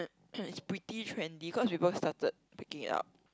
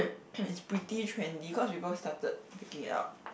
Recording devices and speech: close-talking microphone, boundary microphone, conversation in the same room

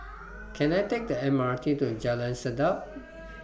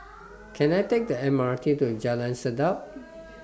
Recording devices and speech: boundary microphone (BM630), standing microphone (AKG C214), read sentence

